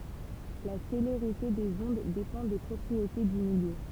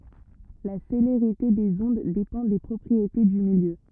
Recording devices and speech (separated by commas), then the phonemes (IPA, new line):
temple vibration pickup, rigid in-ear microphone, read sentence
la seleʁite dez ɔ̃d depɑ̃ de pʁɔpʁiete dy miljø